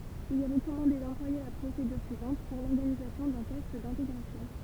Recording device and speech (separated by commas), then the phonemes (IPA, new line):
temple vibration pickup, read sentence
il ɛ ʁəkɔmɑ̃de dɑ̃plwaje la pʁosedyʁ syivɑ̃t puʁ lɔʁɡanizasjɔ̃ dœ̃ tɛst dɛ̃teɡʁasjɔ̃